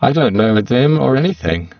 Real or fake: fake